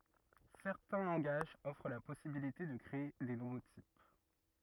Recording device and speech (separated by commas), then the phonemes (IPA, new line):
rigid in-ear microphone, read sentence
sɛʁtɛ̃ lɑ̃ɡaʒz ɔfʁ la pɔsibilite də kʁee de nuvo tip